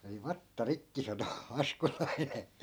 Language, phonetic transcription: Finnish, » meni "vatta "rikki » sano , 'askolaine .
- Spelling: meni vatsa rikki sanoi askolainen

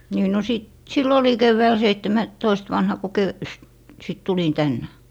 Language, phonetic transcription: Finnish, nii no 'sit - "sill ‿oli 'kevväɔ̈̀l seittemä- , -toist 'vanha ku kö- , st- , sit 'tulin 'tännɛ .
- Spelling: niin no - silloin olin keväällä - seitsemäntoista vanha kun - - sitten tulin tänne

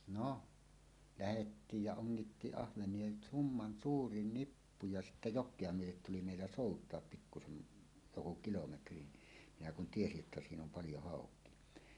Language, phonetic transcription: Finnish, no , lähettiij ja 'oŋn̬ittiiˀ 'ˀahveǹie "summan "suuri 'nippu ja sittä "jok̆kea 'myötet tuli mèillä "sòut̀oap 'pikkusem̳ , joku 'kilometri , minä kun "tiesi’ ’että 'siin ‿om "paljo 'hàok̀ie .
- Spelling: no lähettiin ja ongittiin ahvenia summan suuri nippu ja sitten jokea myöten tuli meillä soutaa pikkuisen joku kilometri minä kun tiesin että siinä on paljon haukia

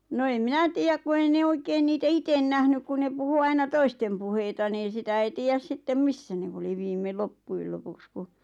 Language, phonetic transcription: Finnish, no eⁱm "minä tiijäk ku 'ei ne 'oikeen niitä "iten 'nähnyk ku ne 'puhu 'aina "toistem puheita niin̬ 'sitä ei 'tiijäs 'sittem "missä nev- oli 'viime "loppuil lopuks 'ku ,.
- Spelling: no en minä tiedä kun ei ne oikein niitä itse nähnyt kun ne puhui aina toisten puheita niin sitä ei tiedä sitten missä ne oli viime loppujen lopuksi kun

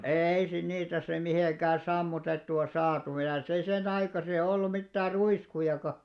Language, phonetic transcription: Finnish, 'êi sin niitä sem̆§ 'mihèkä "sammutettu₍a 'saatu (ja ehän̬) se senaikasi₍a ollu 'mittäär "ruiskujaka .
- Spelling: ei siinä niitä sitten mitenkään sammutettua saatu ja eihän se senaikaisia ollut mitään ruiskujakaan

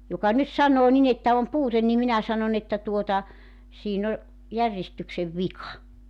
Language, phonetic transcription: Finnish, 'joka 'nyt 'saǹoo nin ‿että om "puuten nim 'minä 'sanon ‿että tuota , 'siin ‿o 'järjestyksev "vika .
- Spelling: joka nyt sanoo niin että on puute niin minä sanon että tuota siinä on järjestyksen vika

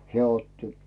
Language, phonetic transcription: Finnish, 'heä̀ 'otti .
- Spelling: hän otti

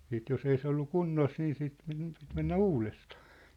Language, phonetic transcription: Finnish, 'siit jos ‿ei se ollu "kunnos nii siit (pit) , pit mennä "uulestᴀᴀ .
- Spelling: sitten jos ei se ollut kunnossa niin sitten piti piti mennä uudestaan

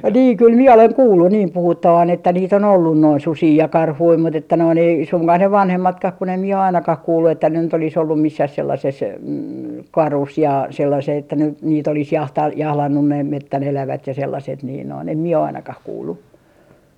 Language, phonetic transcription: Finnish, "nii 'kyl 'mie oleŋ 'kuullu niim 'puhuttavan että niit ‿on 'ollun noin "susii ja "karhui mut ‿että noin ‿ei 'suŋkah ne 'vanhemmatkah kun ‿em mie o ainakah o 'kuullu että ne nyt ‿olis ollum 'missäh 'sellases , "karus ja 'sellasee että nyt niit ‿olis 'jahta- , 'jahlannun näim "mettän 'elävät ja 'sellaset niin noin , em mie o 'ainakah 'kuullu .
- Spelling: niin kyllä minä olen kuullut niin puhuttavan että niitä on ollut noin susia ja karhuja mutta että noin ei suinkaan ne vanhemmatkaan kun en minä ole ainakaan ole kuullut että ne nyt olisi ollut missään sellaisessa karussa ja sellaiseen että nyt niitä olisi - jahdannut näin metsän elävät ja sellaiset niin noin en minä ole ainakaan kuullut

